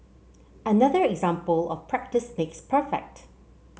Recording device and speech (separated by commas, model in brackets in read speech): mobile phone (Samsung C7), read sentence